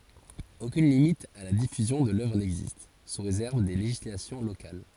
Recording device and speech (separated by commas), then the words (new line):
forehead accelerometer, read sentence
Aucune limite à la diffusion de l'œuvre n'existe, sous réserve des législations locales.